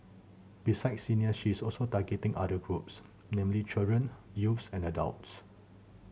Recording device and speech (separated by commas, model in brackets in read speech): mobile phone (Samsung C7100), read sentence